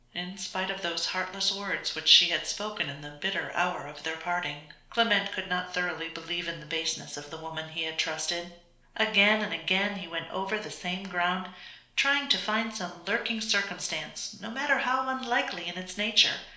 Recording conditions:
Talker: one person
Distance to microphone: 1.0 m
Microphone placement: close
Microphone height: 1.1 m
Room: small (3.7 m by 2.7 m)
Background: none

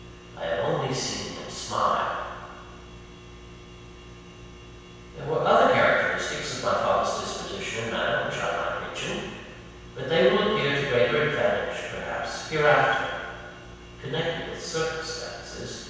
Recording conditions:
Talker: one person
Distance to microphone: 7.1 m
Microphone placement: far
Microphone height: 1.7 m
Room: very reverberant, large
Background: none

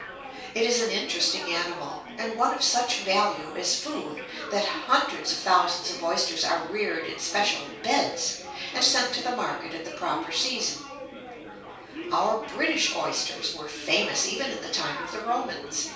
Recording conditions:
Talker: one person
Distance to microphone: 3.0 m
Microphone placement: far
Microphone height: 1.8 m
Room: small (3.7 m by 2.7 m)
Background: babble

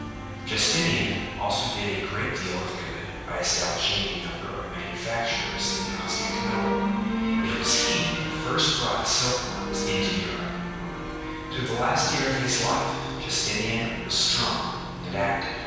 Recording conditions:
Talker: one person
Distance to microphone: 7.1 m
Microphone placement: far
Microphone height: 1.7 m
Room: very reverberant, large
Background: music

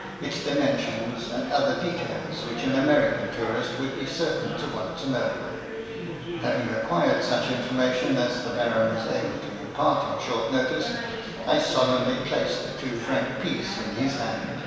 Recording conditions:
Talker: one person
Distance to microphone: 1.7 m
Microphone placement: close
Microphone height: 1.0 m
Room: very reverberant, large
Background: babble

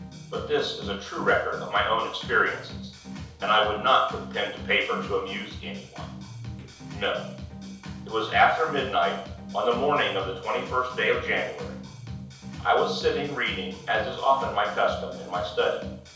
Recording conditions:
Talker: one person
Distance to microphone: 3.0 m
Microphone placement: far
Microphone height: 1.8 m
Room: small (3.7 m by 2.7 m)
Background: music

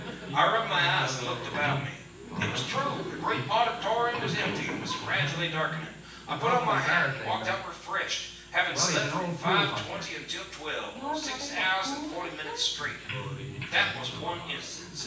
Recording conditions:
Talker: one person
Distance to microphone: 9.8 m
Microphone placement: far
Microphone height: 1.8 m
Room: large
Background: television

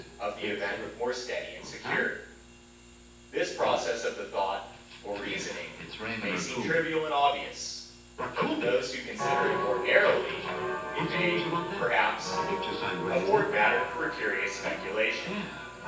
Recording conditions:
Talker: one person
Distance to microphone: 9.8 m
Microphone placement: far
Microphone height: 1.8 m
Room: large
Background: television

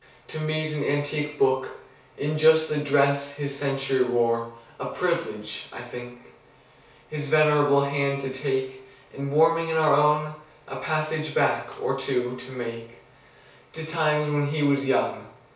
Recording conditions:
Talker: one person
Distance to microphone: 3.0 m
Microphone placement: far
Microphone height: 1.8 m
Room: small (3.7 m by 2.7 m)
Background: none

